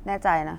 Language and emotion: Thai, neutral